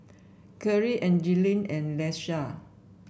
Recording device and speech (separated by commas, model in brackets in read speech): boundary microphone (BM630), read sentence